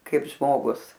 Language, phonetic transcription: Lithuanian, ˈkaip ˈžmogus

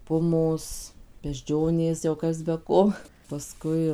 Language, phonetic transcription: Lithuanian, ˈpumos bežˈdžionės jau ˈkas be ˈko paˈskui

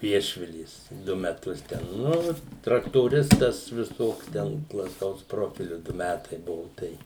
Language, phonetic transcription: Lithuanian, ˈviešvilės ˈdu meˈtus ten ˈnu traktoˈristas viˈsoks ˈten plaˈtaus ˈprofiliu ˈdu ˈmætai ˈbuvu ˈtai

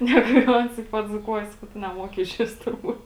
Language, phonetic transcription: Lithuanian, ˈnegu jau ˈans i padzūˈkuoja ˈsakau ˈtu neˈmoki išˈvis turˈbūt

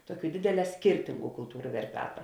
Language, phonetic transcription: Lithuanian, ˈtuoˌkių ˈdėdėˌlē ˈskirtingu kulˈtūru verˈpeta

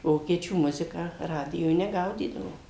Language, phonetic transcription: Lithuanian, ˈvokiečių ˈmuziką ˈradijoj neˈgaudydavom

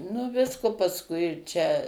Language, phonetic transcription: Lithuanian, nu ˈvisko pasˈkui čia

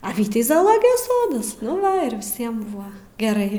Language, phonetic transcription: Lithuanian, a ˈvytei zaaˈlogijos ˈsodas nu ˈva ir viˈsiem ˈbuva geˈrai

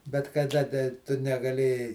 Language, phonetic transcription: Lithuanian, bet kaˈda da ˈtu negaˈlėjai

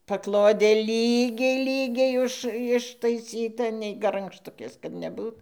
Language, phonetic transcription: Lithuanian, paˈklodė ˈlygiai ˈlygiai ˈuž ištaiˈsyta nei garangšˈtukės kad neˈbūt

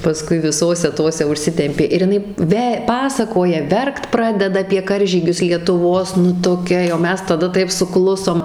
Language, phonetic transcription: Lithuanian, paˈskui viˈsose ˈtose užˈsitempė ir jiˈnai ˈve ˈpasakoja ˈverkt ˈpradeda apie ˈkaržygius lietuˈvos nu toˈkia jau ˈmes taˈda ˈtaip suˈklusom

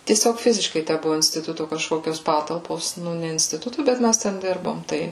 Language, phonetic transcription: Lithuanian, tieˈsiog ˈfiziškai ˈtæ ˈbuvu instiˈtutu kažˈkokios ˈpatalpos ˈnu ne instiˈtutu ˈbet ˈmæs ˈten ˈdirbom ˈtai

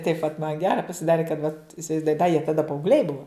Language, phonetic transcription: Lithuanian, taip vat man ˈgera pasiˈdari kad vat isivaizˈduoji da jie taˈda paaugˈliai ˈbuva

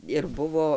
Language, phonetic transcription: Lithuanian, ir ˈbuvo

